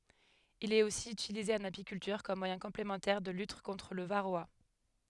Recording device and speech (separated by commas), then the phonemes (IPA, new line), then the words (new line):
headset microphone, read sentence
il ɛt osi ytilize ɑ̃n apikyltyʁ kɔm mwajɛ̃ kɔ̃plemɑ̃tɛʁ də lyt kɔ̃tʁ lə vaʁoa
Il est aussi utilisé en apiculture comme moyen complémentaire de lutte contre le varroa.